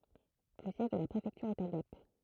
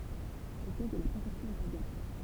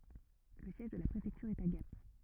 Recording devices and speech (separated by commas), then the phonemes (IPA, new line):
throat microphone, temple vibration pickup, rigid in-ear microphone, read sentence
lə sjɛʒ də la pʁefɛktyʁ ɛt a ɡap